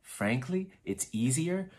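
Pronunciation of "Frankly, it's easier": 'Frankly, it's easier' is said with a rising intonation, which is the wrong way to say it. It sounds awkward and not very clear.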